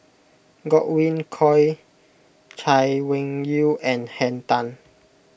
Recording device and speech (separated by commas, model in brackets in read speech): boundary microphone (BM630), read sentence